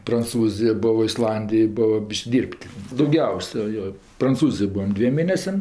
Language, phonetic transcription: Lithuanian, pranˈcūzijo ˈbuvo isˈlandijoj ˈbuvo ˈbyš'k' ˈdyr'p't' dauˈgiausia ˈjo pranˈcūzijoj ˈbūvam ˈdviem ˈmėnesiam

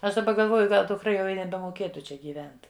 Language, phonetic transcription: Lithuanian, ˈaš daˈba galˈvoju ˈgal dukˈra jau i nebemoˈkėtu ˈčia gyˈvent

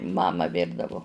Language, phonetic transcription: Lithuanian, ˈmama ˈvirdavu

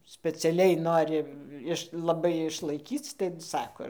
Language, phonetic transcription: Lithuanian, speciaˈliai ˈnori ˈiš laˈbai išlaiˈkyc tai ˈsako

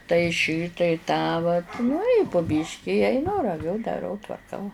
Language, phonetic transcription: Lithuanian, tai ˈšį tai ˈtą vat nu i pu ˈbyški i aiˈnu raˈviu daˈrau tvarˈkau

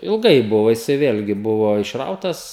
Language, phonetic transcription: Lithuanian, ilˈgai ˈbuvo jiˈsai ˈvėlgi ˈbuvo išˈrautas

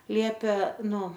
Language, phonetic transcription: Lithuanian, ˈliepė ˈnu

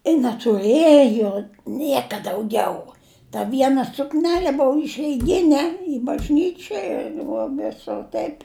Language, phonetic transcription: Lithuanian, i netuˈrɘjo ˈnieka dauˈgiau ta ˈviena sukˈnele ˈbou išeiˈgine i bažˈnyčioj ir vo ˈvisur ˈtaip'

